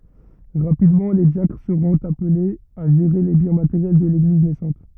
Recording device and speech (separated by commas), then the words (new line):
rigid in-ear microphone, read sentence
Rapidement, les diacres seront appelés à gérer les biens matériels de l'Église naissante.